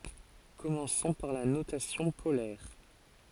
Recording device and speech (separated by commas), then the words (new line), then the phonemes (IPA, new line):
forehead accelerometer, read sentence
Commençons par la notation polaire.
kɔmɑ̃sɔ̃ paʁ la notasjɔ̃ polɛʁ